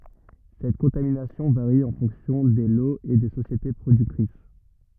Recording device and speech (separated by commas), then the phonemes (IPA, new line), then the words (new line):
rigid in-ear microphone, read sentence
sɛt kɔ̃taminasjɔ̃ vaʁi ɑ̃ fɔ̃ksjɔ̃ de loz e de sosjete pʁodyktʁis
Cette contamination varie en fonction des lots et des sociétés productrices.